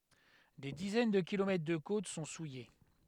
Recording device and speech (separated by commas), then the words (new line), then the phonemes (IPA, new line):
headset microphone, read sentence
Des dizaines de kilomètres de côtes sont souillées.
de dizɛn də kilomɛtʁ də kot sɔ̃ suje